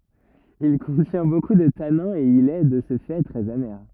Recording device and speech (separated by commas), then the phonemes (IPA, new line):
rigid in-ear microphone, read sentence
il kɔ̃tjɛ̃ boku də tanɛ̃z e il ɛ də sə fɛ tʁɛz ame